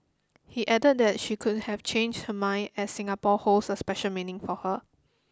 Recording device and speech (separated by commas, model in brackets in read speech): close-talking microphone (WH20), read sentence